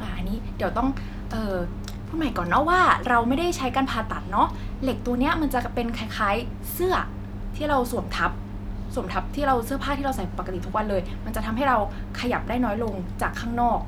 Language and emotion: Thai, neutral